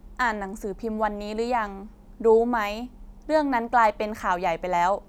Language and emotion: Thai, frustrated